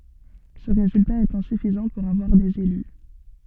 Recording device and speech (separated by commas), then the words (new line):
soft in-ear microphone, read sentence
Ce résultat est insuffisant pour avoir des élus.